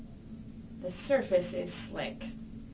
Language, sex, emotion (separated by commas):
English, female, neutral